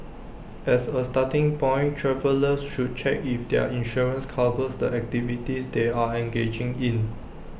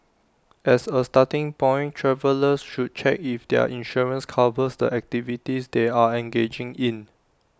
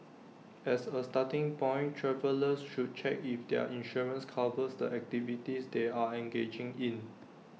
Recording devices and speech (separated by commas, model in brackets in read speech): boundary microphone (BM630), standing microphone (AKG C214), mobile phone (iPhone 6), read sentence